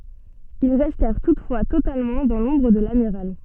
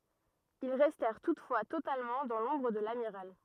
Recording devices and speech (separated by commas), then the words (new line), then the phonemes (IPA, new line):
soft in-ear microphone, rigid in-ear microphone, read sentence
Ils restèrent toutefois totalement dans l’ombre de l’amiral.
il ʁɛstɛʁ tutfwa totalmɑ̃ dɑ̃ lɔ̃bʁ də lamiʁal